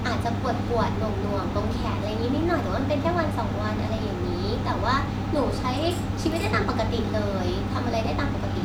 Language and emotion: Thai, neutral